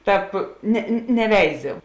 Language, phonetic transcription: Lithuanian, ˈtāp ne neˈveizi

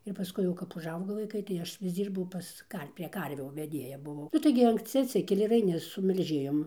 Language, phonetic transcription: Lithuanian, ir paˈskui jau kap užˈaugo vaiˈkai tai ˈaš vis ˈdzyrbau ˈpas ˈdar prie ˈkarvių veˈdėja buˈvau ˈnu tai gi anksˈci atˈsikeli ir aiˈni su melˈžėjom

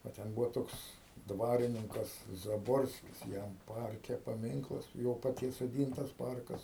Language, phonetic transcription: Lithuanian, va ˈten ˈbūvo ˈtoks ˈdvarininkas zaˈborskis ˈjam ˈparke paˈminklas ˈjo paˈties soˈdyntas ˈparkas

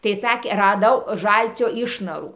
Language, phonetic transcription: Lithuanian, tai ˈsakė raˈdau ˈžalcio ˈišnarų

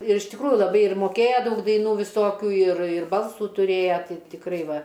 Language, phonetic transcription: Lithuanian, ir iš tikˈrųju laˈbai ir moˈkėja ˈdaug daiˈnų viˈsokių ir ir ˈbalsų tuˈrėja ˈtai tikˈrai ˈva

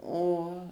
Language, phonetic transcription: Lithuanian, ˈo

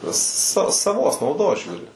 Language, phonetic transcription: Lithuanian, sa saˈvos nauˈdos ˈžiūri

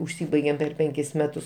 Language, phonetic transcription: Lithuanian, užˈsybaigėm per ˈpenkis ˈmetus

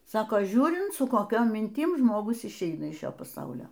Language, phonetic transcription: Lithuanian, ˈsako ˈžiūrint su koˈkiom minˈtim žmoˈgus išˈeina iš ˈšio paˈsaulio

